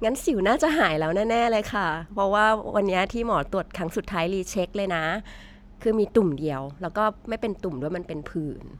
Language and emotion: Thai, happy